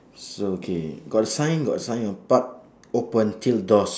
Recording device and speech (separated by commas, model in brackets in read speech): standing microphone, conversation in separate rooms